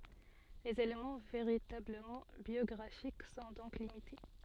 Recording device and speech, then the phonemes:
soft in-ear microphone, read sentence
lez elemɑ̃ veʁitabləmɑ̃ bjɔɡʁafik sɔ̃ dɔ̃k limite

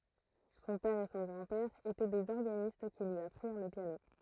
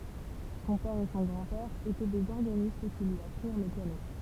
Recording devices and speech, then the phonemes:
throat microphone, temple vibration pickup, read sentence
sɔ̃ pɛʁ e sɔ̃ ɡʁɑ̃dpɛʁ etɛ dez ɔʁɡanist ki lyi apʁiʁ lə pjano

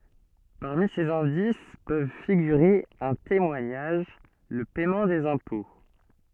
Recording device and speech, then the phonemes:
soft in-ear microphone, read sentence
paʁmi sez ɛ̃dis pøv fiɡyʁe œ̃ temwaɲaʒ lə pɛmɑ̃ dez ɛ̃pɔ̃

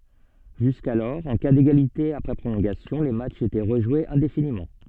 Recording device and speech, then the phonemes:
soft in-ear microphone, read sentence
ʒyskalɔʁ ɑ̃ ka deɡalite apʁɛ pʁolɔ̃ɡasjɔ̃ le matʃz etɛ ʁəʒwez ɛ̃definimɑ̃

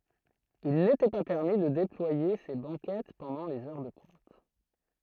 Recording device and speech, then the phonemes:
throat microphone, read sentence
il netɛ pa pɛʁmi də deplwaje se bɑ̃kɛt pɑ̃dɑ̃ lez œʁ də pwɛ̃t

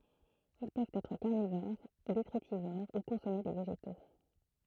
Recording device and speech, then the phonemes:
throat microphone, read sentence
il pøvt ɛtʁ kaʁnivoʁ detʁitivoʁ u kɔ̃sɔme de veʒeto

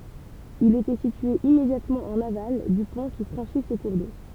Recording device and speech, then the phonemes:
temple vibration pickup, read sentence
il etɛ sitye immedjatmɑ̃ ɑ̃n aval dy pɔ̃ ki fʁɑ̃ʃi sə kuʁ do

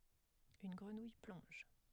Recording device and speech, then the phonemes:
headset microphone, read sentence
yn ɡʁənuj plɔ̃ʒ

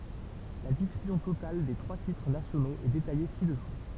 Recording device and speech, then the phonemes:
temple vibration pickup, read sentence
la difyzjɔ̃ total de tʁwa titʁ nasjonoz ɛ detaje sidɛsu

